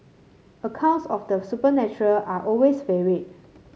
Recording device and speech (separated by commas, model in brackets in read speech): mobile phone (Samsung C7), read sentence